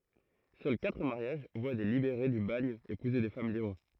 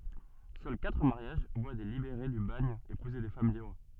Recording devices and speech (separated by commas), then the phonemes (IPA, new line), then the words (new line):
throat microphone, soft in-ear microphone, read sentence
sœl katʁ maʁjaʒ vwa de libeʁe dy baɲ epuze de fam libʁ
Seuls quatre mariages voient des libérés du bagne épouser des femmes libres.